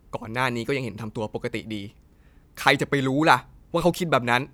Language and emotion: Thai, frustrated